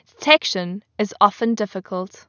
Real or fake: real